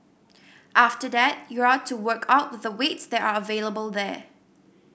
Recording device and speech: boundary microphone (BM630), read sentence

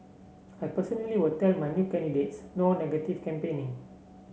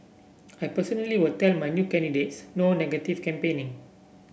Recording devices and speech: mobile phone (Samsung C7), boundary microphone (BM630), read sentence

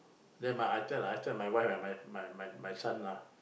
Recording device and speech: boundary microphone, conversation in the same room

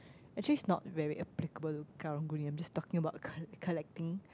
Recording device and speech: close-talking microphone, conversation in the same room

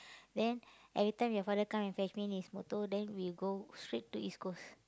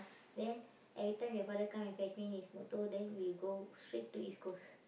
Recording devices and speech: close-talking microphone, boundary microphone, conversation in the same room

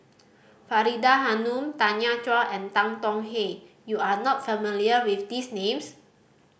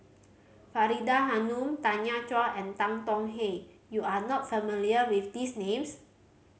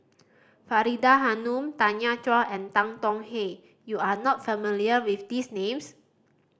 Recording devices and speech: boundary microphone (BM630), mobile phone (Samsung C5010), standing microphone (AKG C214), read sentence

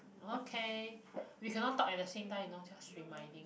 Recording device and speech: boundary microphone, conversation in the same room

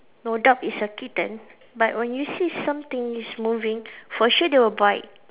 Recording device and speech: telephone, conversation in separate rooms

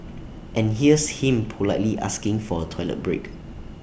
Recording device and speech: boundary microphone (BM630), read sentence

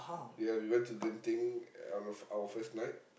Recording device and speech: boundary microphone, conversation in the same room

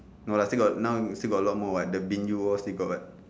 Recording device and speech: standing microphone, conversation in separate rooms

